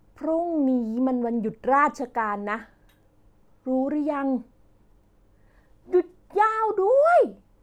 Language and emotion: Thai, happy